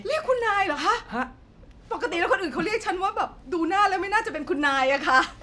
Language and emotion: Thai, happy